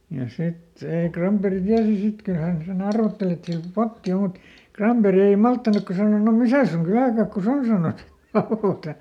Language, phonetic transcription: Finnish, ja ˈsit , ei ˈKramperi ˈtiäsi "sit ˈkyl ˈhän seˈn ‿arvotteli et siäl "potti o mut , ˈKramperi ei "malttanukka sano » no "misä̀ suŋ ˈkylä̀kakku"s ‿on » sanos , (ˈra₍òta) .
- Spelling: ja sitten ei Granberg tiesi sitten kyllä hän sen arvotteli että siellä potti on mutta Granberg ei malttanutkaan sanoi no missä sinun kyläkakkusi on sanoi raota

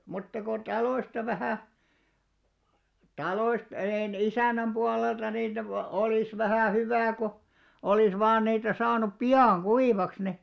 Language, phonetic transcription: Finnish, mutta ko 'taloista vähä̀ , 'taloist e- en- 'isä̀n̆näm 'ʙualelta niitä vo- , olìs 'vähä̀ "hyvä̀ ko , 'olìs vaan niitä 'saanup "pi₍àŋ 'ɢuivaks ni ,.
- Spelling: mutta kun taloista vähän taloista - - isännän puolelta niitä - olisi vähän hyvä kun olisi vain niitä saanut pian kuivaksi niin

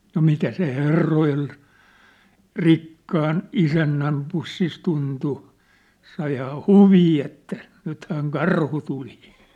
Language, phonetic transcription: Finnish, no 'mitä se "herroj̳e̳l̳ , "rikkaan "isännäm 'pussis 'tuntu , saihaa "huvii että , nythääŋ "karhu 'tuli !
- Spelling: no mitä se herrojen rikkaan isännän pussissa tuntui saihan huvia että nythän karhu tuli

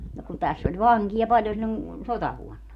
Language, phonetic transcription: Finnish, no kun 'täss ‿oĺ "vaŋkija 'paĺjon siĺĺon , "sotavuonna .
- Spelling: no kun tässä oli vankeja paljon silloin sotavuonna

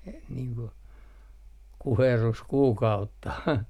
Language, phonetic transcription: Finnish, e - niiŋ ku , "kuherruskuukautta .
- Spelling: - niin kuin kuherruskuukautta

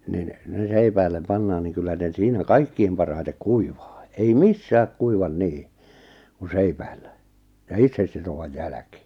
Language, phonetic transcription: Finnish, nin , ne 'seipäil̆lem 'pannaan niŋ kyllä ne 'siinä "kaikkiim 'parhaitek "kuivᴀᴀ , ei "missääk 'kuivan "nii , ku "seipäillä , ja 'itsessitovaj "jäläkɪ .
- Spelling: niin ne seipäille pannaan niin kyllä ne siinä kaikkein parhaiten kuivaa ei missään kuiva niin kuin seipäillä ja itsesitovan jälkeen

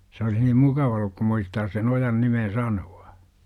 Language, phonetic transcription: Finnish, s ‿olih nim "mukava olluk kum 'muistaas sen 'ojan nimen̬ 'sanu₍A .
- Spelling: se olisi niin mukava ollut kun muistaisi sen ojan nimen sanoa

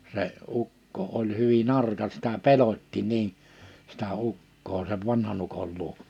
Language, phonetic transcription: Finnish, se , 'ukko oĺ hyvi'n ‿arka sitä 'pelot́ti niin , sitä 'ukkoo sev 'vanhan ‿ukol 'luoᵏ .
- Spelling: se ukko oli hyvin arka sitä pelotti niin sitä ukkoa sen vanhan ukon luo

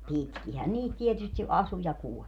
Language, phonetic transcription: Finnish, "pitkihän 'niit tietysti 'ʼasu ja kuɔĺ .
- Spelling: pitkinhän niitä tietysti asui ja kuoli

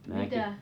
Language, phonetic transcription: Finnish, mⁱnäki .
- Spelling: minäkin

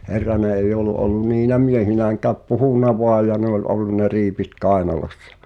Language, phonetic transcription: Finnish, 'Herrane ei'j ‿ol̆lu ’ol̆lun 'niinä "miehinääŋkääp "puhùn̆na 'voaj̆ ja ne ‿oĺ '’ollun ne 'riipit "kaenalossᴀ .
- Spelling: Herranen ei ollut ollut niinä miehinäkään puhunut vain ja ne oli ollut ne riipit kainalossa

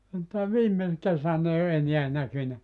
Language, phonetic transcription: Finnish, mutta "viime , 'kesän ‿ei o "eniä 'näkynä .
- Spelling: mutta viime kesänä ei ole enää näkynyt

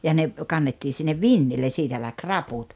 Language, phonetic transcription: Finnish, ja ne , 'kannettii sinnev "vinnillen̬ 'siitä läk "raput .
- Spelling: ja ne kannettiin sinne vintille siitä lähti raput

